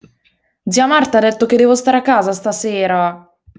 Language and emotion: Italian, sad